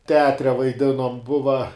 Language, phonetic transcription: Lithuanian, teˈatre vaiˈdinom ˈbuva

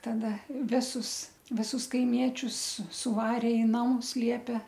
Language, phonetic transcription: Lithuanian, taˈda ˈvisus viˈsus kaiˈmiečius su suˈvarė i ˈnamus ˈliepe

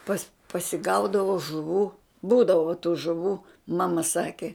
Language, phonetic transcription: Lithuanian, pas pasiˈgaudavo žuˈvų ˈbūdavo tų žuˈvų ˈmama ˈsaki

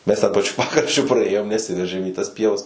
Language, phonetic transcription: Lithuanian, mes ten paˈčiu ˈpakraščiu praˈėjom neˈsiveržėm į tas ˈpievas

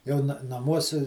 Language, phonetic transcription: Lithuanian, ˈjau na naˈmuosi

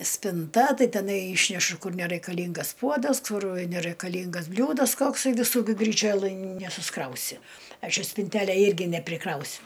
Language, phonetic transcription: Lithuanian, spinˈta ˈtai teˈnai ˈyšnešu ˈkur neraikaˈlyngas ˈpuodas ˈkur neraikaˈlyngas ˈbliūdas ˈkoksai viˈsų gi gryˈčiolɘj nesusˈkrausi ˈaš i spinˈtelę ˈirgi nepriˈkrausiu

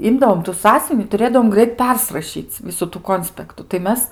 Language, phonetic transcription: Lithuanian, ˈimdavom tu ˈsąsiuvini tuˈrėdavom ˈgrait ˈpersrašyc' ˈvisu tų ˈkonspektu tai ˈmes

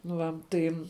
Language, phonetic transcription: Lithuanian, nu ˈva ˈtai

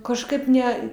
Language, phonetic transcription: Lithuanian, kažˈkaip ˈne

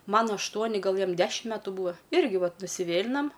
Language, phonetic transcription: Lithuanian, ˈman ašˈtuoni ˈgal ˈjam ˈdešim ˈmetų ˈbūa ˈirgi ˈvat nusiˈvėlinam

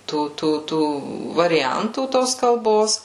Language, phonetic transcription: Lithuanian, ˈtų ˈtų ˈtų variˈjantų ˈtos kalˈbos

